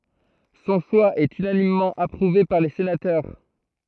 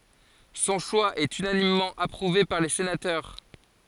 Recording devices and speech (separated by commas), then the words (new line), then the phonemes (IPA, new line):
throat microphone, forehead accelerometer, read sentence
Son choix est unanimement approuvé par les sénateurs.
sɔ̃ ʃwa ɛt ynanimmɑ̃ apʁuve paʁ le senatœʁ